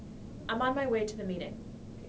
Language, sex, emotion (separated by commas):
English, female, neutral